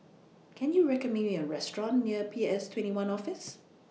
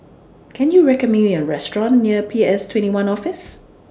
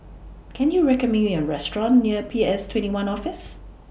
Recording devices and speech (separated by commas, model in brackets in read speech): mobile phone (iPhone 6), standing microphone (AKG C214), boundary microphone (BM630), read sentence